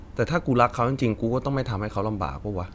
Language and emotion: Thai, neutral